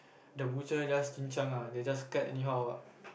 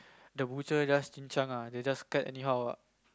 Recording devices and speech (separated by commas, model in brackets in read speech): boundary microphone, close-talking microphone, conversation in the same room